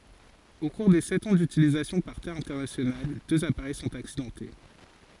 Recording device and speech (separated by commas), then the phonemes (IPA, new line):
forehead accelerometer, read sentence
o kuʁ de sɛt ɑ̃ dytilizasjɔ̃ paʁ te ɛ̃tɛʁnasjonal døz apaʁɛj sɔ̃t aksidɑ̃te